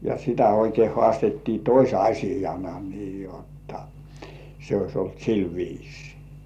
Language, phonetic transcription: Finnish, ja sitä oikei 'hŏàstettii "toś₍aśijana nii 'jotta , se ois olt 'sil viisɪɪ .
- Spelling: ja sitä oikein haastettiin tosiasiana niin jotta se olisi ollut sillä viisiin

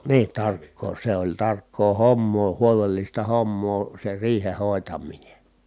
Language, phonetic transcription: Finnish, nii , tarkkoo se ‿oĺ tarkkoo hommoo huolellista hommoo se riihe hòetam̆mine .
- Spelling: niin tarkkaa se oli tarkkaa hommaa huolellista hommaa se riihen hoitaminen

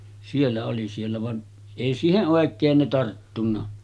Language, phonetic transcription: Finnish, 'siellä oli siellä van , 'èi 'siiheˀ "ˀòek̆keen ne tarttunna .
- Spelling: siellä oli siellä vaan ei siihen oikein ne tarttunut

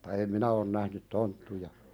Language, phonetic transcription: Finnish, [mut]ta em 'minä on nähnyt "tonttuja .
- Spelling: mutta en minä on nähnyt tonttuja

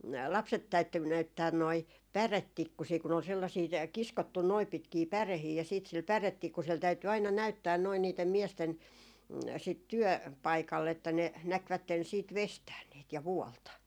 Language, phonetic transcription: Finnish, 'lapset 'täytty 'näyttään noi , "pärettikkusii kun ‿ol sellasii tä- , 'kiskottun noip̆ 'pitkii "pärehii ja siit sil 'pärettikkusel 'täyty aina "näyttään noi niitem 'miesten , sit 'työ- , 'paikalle että ne 'näkvätten siit "vestään niit , ja 'vuɔlta .
- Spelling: lapset täytyi näyttää noin päretikkusia kun oli sellaisia - kiskottu noin pitkiä päreitä ja sitten sillä päretikkusella täytyi aina näyttää noin niiden miesten sitten - työpaikalle että ne näkivät sitten veistää niitä ja vuolla

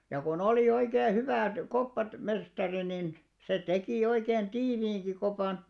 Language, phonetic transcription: Finnish, ja ko'n ‿olì 'oikee 'hyvä̀t , 'koppat- , '-mestari nin , 'se 'tekì oikeen "tiiviiŋɢi kopàn ,.
- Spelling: ja kun oli oikein hyvät - koppamestari niin se teki oikein tiiviinkin kopan

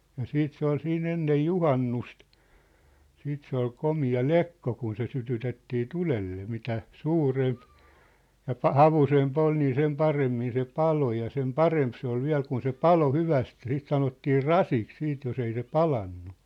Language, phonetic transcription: Finnish, ja 'siit se ‿ol 'siin 'ennej "juhannust , 'siit se ‿ol 'komi₍a "lekko kun se sytytettii "tulelle 'mitä , "suuremp , ja 'pa- "havusemp ‿ol nii sem "paremmin se "palo ja sem "paremp se ‿ol 'viä̭l kun se "palo 'hyväst ja 'siit 'sanottii "rasiks 'siit jos ‿ei se "palannu .
- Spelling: ja sitten se oli siinä ennen juhannusta sitten se oli komea lekko kun se sytytettiin tulelle mitä suurempi ja - havuisempi oli niin sen paremmin se paloi ja sen parempi se oli vielä kun se paloi hyvästi ja sitten sanottiin rasiksi sitten jos ei se palanut

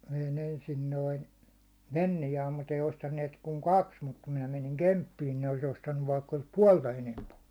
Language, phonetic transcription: Finnish, vein ‿ensin noin̬ , 'Vennijaam mut ‿ei ostanniet kuŋ "kaks , mut kum 'minä 'meniŋ "Kemppiin ne olis 'ostannuv vaikka olis "puålta 'enemp ‿ollᴜ .
- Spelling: vein ensin noin Fenniaan mutta ei ostaneet kuin kaksi mutta kun minä menin Kemppiin ne olisi ostanut vaikka olisi puolta enempi ollut

